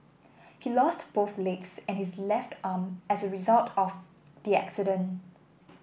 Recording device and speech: boundary microphone (BM630), read sentence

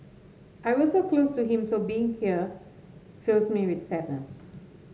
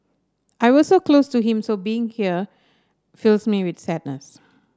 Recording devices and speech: mobile phone (Samsung S8), standing microphone (AKG C214), read sentence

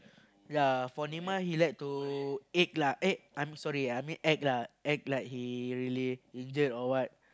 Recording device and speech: close-talking microphone, conversation in the same room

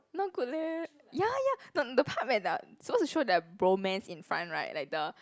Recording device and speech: close-talking microphone, conversation in the same room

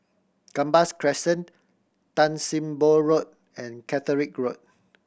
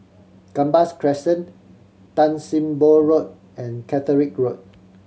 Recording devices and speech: boundary microphone (BM630), mobile phone (Samsung C7100), read sentence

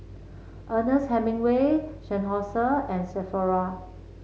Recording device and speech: mobile phone (Samsung C7), read sentence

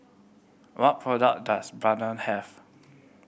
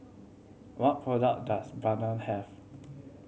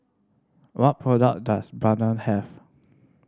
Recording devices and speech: boundary microphone (BM630), mobile phone (Samsung C7100), standing microphone (AKG C214), read sentence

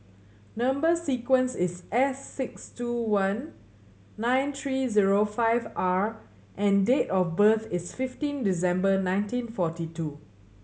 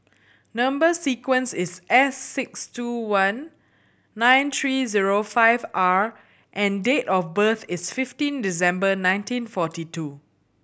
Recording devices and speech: mobile phone (Samsung C7100), boundary microphone (BM630), read sentence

